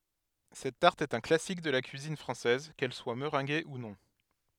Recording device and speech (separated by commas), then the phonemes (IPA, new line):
headset microphone, read sentence
sɛt taʁt ɛt œ̃ klasik də la kyizin fʁɑ̃sɛz kɛl swa məʁɛ̃ɡe u nɔ̃